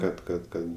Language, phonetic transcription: Lithuanian, kad kad ˈkad

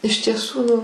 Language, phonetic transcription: Lithuanian, iš tieˈsų

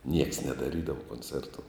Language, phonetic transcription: Lithuanian, nieks nedaˈrydavo konˈcertu

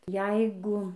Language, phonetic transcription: Lithuanian, ˈjeigu

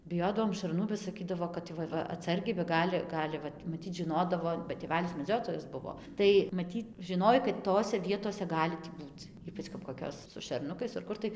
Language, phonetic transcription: Lithuanian, biˈjodavom šarˈnų ba saˈkydavo kad ˈva ˈva atˈsargiai ba ˈgali ˈgali vat maˈtyt žiˈnodavo ba tėˈvælis meˈdziotojas ˈbuvo ˈtai maˈtyt žiˈnoj kad ˈtose ˈvietose ˈgali tį ˈbūc ˈypač kap koˈkios su šerˈnukais ar ˈkur tai

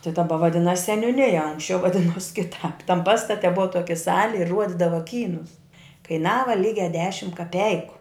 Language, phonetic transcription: Lithuanian, ti daˈba vaˈdinas seniuˈnija ˈanksčiau vaˈdinos kiˈtāp tam ˈpastate ˈbuva ˈtoki ˈsali i ˈruodidava ˈkynus kaiˈnava ˈlygia ˈdešim kaˈpeiku

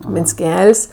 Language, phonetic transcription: Lithuanian, minsˈkel's'

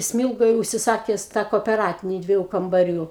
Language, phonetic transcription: Lithuanian, ˈsmilgoj užsiˈsakes tą kopeˈratini ˈdvieju kambaˈrių

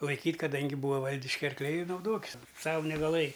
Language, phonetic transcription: Lithuanian, laiˈkyt' kaˈdangi ˈbūa ˈvaldiški arkˈliai i nauˈdokis ˈsavu negaˈlɘji

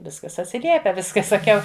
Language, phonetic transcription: Lithuanian, ˈviskas atsiˈliepia ˈvis ka saˈkiau

